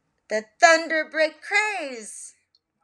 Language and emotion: English, surprised